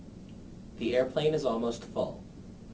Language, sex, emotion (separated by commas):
English, male, neutral